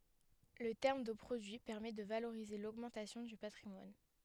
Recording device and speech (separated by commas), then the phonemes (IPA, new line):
headset microphone, read sentence
lə tɛʁm də pʁodyi pɛʁmɛ də valoʁize loɡmɑ̃tasjɔ̃ dy patʁimwan